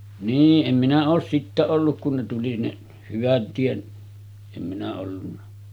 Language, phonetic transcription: Finnish, 'nii’ ’em minä oos sittä 'olluk kun ne tuli ne , 'hyvät 'tiet , em minä ollunna .
- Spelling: niin en minä ole sitten ollut kun ne tuli ne hyvät tiet en minä ollut

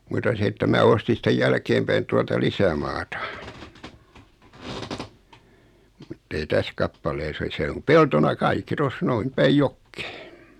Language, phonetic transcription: Finnish, muta 'se että 'mää ostin sⁱtej 'jälkeem päin 'tualta 'lisämaata , muttei 'täs kappalees ‿o 'se om 'peltona "kaikki 'tos 'noin , 'päij "jokkᴇᴇ .
- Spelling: mutta se että minä ostin sitten jälkeen päin tuolta lisämaata mutta ei tässä kappaleessa ole se on peltona kaikki tuossa noin päin jokea

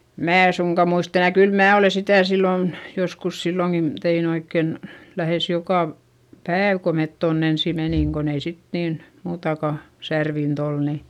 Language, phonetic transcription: Finnish, mää e suŋka muist ‿enä - kyl mää olè sitä̀ sillòn , joskus silloŋkin , tein ‿oikken , lähès joka v- , pääv ko met tonn ‿ensi menìŋ kon ‿ei sit niin , muutaka , särvint ‿ol ni ,.
- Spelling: minä en suinkaan muista enää kyllä minä olen sitä silloin joskus silloinkin tein oikein lähes joka - päivä kun me tuonne ensin menimme kun ei sitten niin muutakaan särvintä ollut niin

